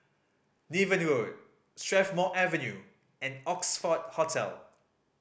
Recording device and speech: boundary microphone (BM630), read sentence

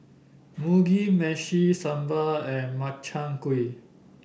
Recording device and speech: boundary microphone (BM630), read sentence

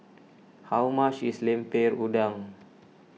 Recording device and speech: mobile phone (iPhone 6), read sentence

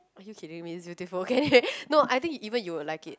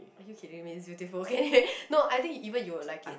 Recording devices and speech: close-talking microphone, boundary microphone, conversation in the same room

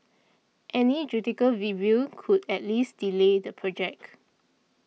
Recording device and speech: mobile phone (iPhone 6), read sentence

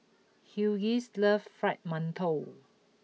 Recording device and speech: mobile phone (iPhone 6), read sentence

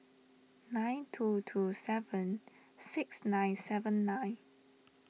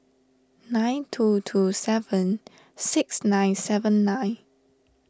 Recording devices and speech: mobile phone (iPhone 6), standing microphone (AKG C214), read sentence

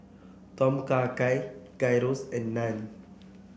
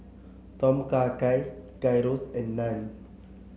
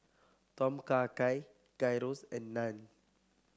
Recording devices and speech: boundary microphone (BM630), mobile phone (Samsung C7), close-talking microphone (WH30), read sentence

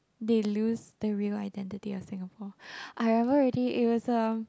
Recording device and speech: close-talking microphone, conversation in the same room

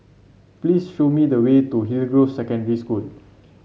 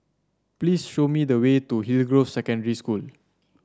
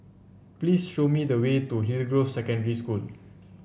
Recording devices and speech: mobile phone (Samsung C7), standing microphone (AKG C214), boundary microphone (BM630), read sentence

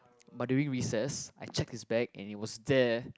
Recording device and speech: close-talking microphone, conversation in the same room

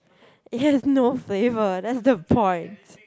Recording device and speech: close-talking microphone, conversation in the same room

